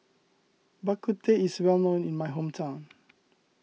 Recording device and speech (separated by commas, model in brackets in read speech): mobile phone (iPhone 6), read sentence